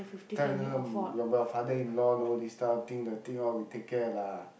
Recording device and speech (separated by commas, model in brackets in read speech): boundary microphone, conversation in the same room